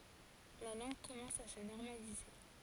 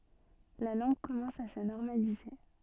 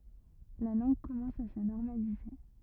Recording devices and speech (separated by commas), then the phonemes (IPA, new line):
forehead accelerometer, soft in-ear microphone, rigid in-ear microphone, read sentence
la lɑ̃ɡ kɔmɑ̃s a sə nɔʁmalize